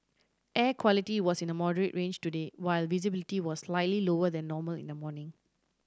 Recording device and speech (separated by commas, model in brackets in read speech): standing microphone (AKG C214), read sentence